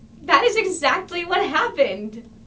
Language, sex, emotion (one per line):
English
female
happy